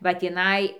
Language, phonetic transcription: Lithuanian, va tįˈnai

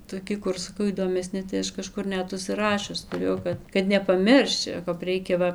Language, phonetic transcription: Lithuanian, toˈki ˈkur saˈkau įdomeˈsni tai ˈaš kaˈžkur ˈnet užsiˈrašius tuˈrėjau kad kad nepaˈmirščiau kap ˈreikia ˈva

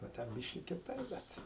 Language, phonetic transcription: Lithuanian, o ˈten ˈbiški kiˈtaip ˈbet

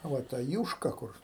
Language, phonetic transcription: Lithuanian, ˈva ta ˈjūška ˈkur

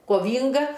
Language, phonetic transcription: Lithuanian, koˈvynga

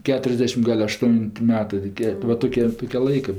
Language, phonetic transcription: Lithuanian, ˈketriasdešim ˈgal' ašˈtun't' ˈmetɜ toˈkie va ˈtokė ˈtokė ˈlaikɜ

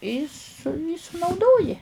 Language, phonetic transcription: Lithuanian, y su y sunauˈdoji

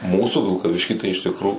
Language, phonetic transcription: Lithuanian, ˈmūsų vilkaˈvišky tai iš ˈtikro

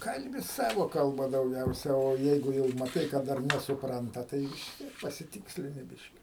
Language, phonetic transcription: Lithuanian, ˈkalbi ˈsavo kalˈba dauˈgiausia o ˈjeigu jau maˈtai ka ˈdar nesuˈpranta ˈtai vis ˈtiek pasiˈtikslini ˈbiški

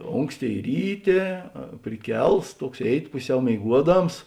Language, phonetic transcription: Lithuanian, ˈonksˌtėi ˈryˌtė priˈkels ˈtuoks ˈėiˌti ˈpuˌsiau mėiˈguoˌdams

